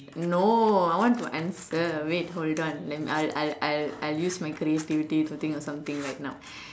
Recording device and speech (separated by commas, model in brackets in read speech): standing microphone, conversation in separate rooms